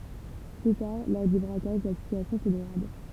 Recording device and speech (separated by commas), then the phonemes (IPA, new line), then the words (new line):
temple vibration pickup, read sentence
ply taʁ lɔʁ dy bʁakaʒ la sityasjɔ̃ sə deɡʁad
Plus tard, lors du braquage, la situation se dégrade.